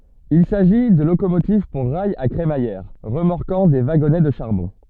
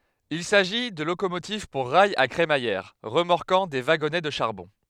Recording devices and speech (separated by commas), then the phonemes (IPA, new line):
soft in-ear microphone, headset microphone, read sentence
il saʒi də lokomotiv puʁ ʁajz a kʁemajɛʁ ʁəmɔʁkɑ̃ de vaɡɔnɛ də ʃaʁbɔ̃